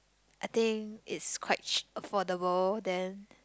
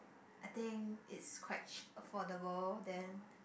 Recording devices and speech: close-talking microphone, boundary microphone, conversation in the same room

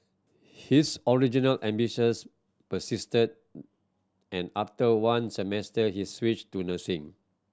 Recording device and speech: standing microphone (AKG C214), read sentence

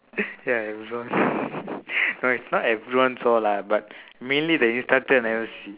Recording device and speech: telephone, conversation in separate rooms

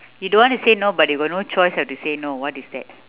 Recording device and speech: telephone, conversation in separate rooms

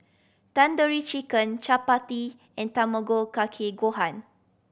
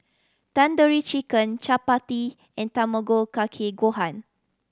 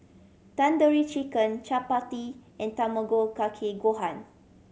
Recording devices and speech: boundary microphone (BM630), standing microphone (AKG C214), mobile phone (Samsung C7100), read sentence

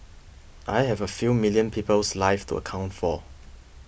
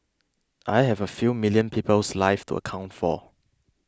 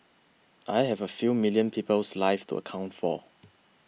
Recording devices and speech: boundary microphone (BM630), close-talking microphone (WH20), mobile phone (iPhone 6), read sentence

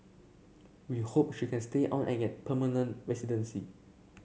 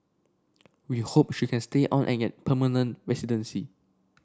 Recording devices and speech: mobile phone (Samsung C7), standing microphone (AKG C214), read sentence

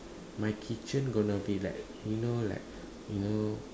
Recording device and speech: standing microphone, conversation in separate rooms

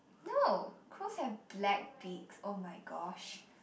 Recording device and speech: boundary microphone, conversation in the same room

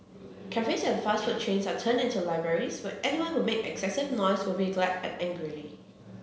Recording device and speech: mobile phone (Samsung C7), read sentence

